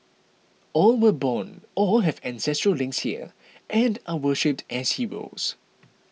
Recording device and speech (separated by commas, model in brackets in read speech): mobile phone (iPhone 6), read sentence